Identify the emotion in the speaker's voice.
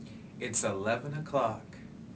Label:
neutral